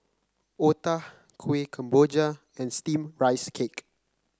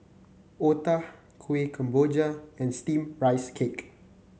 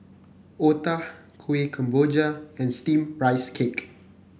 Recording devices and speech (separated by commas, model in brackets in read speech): close-talking microphone (WH30), mobile phone (Samsung C9), boundary microphone (BM630), read sentence